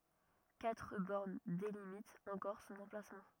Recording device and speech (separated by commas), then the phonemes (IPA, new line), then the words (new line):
rigid in-ear microphone, read sentence
katʁ bɔʁn delimitt ɑ̃kɔʁ sɔ̃n ɑ̃plasmɑ̃
Quatre bornes délimitent encore son emplacement.